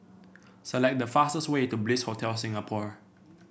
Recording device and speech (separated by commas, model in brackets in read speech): boundary microphone (BM630), read sentence